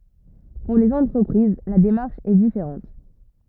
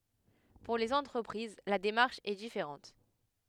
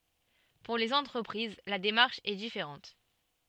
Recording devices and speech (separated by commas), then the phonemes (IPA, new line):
rigid in-ear microphone, headset microphone, soft in-ear microphone, read sentence
puʁ lez ɑ̃tʁəpʁiz la demaʁʃ ɛ difeʁɑ̃t